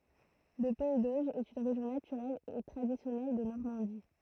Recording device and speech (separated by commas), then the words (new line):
throat microphone, read sentence
Le pays d’Auge est une région naturelle et traditionnelle de Normandie.